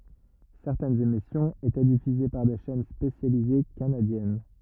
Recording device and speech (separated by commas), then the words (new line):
rigid in-ear microphone, read sentence
Certaines émissions étaient diffusées par des chaînes spécialisées canadiennes.